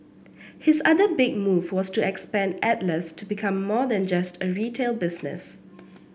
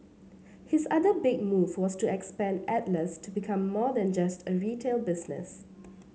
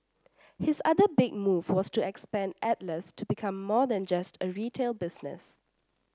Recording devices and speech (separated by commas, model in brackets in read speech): boundary microphone (BM630), mobile phone (Samsung C7), standing microphone (AKG C214), read sentence